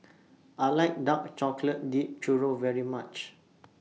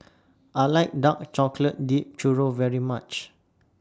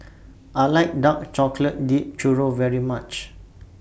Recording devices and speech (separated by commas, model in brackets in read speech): mobile phone (iPhone 6), standing microphone (AKG C214), boundary microphone (BM630), read sentence